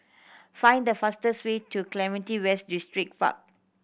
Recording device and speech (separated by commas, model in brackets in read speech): boundary microphone (BM630), read sentence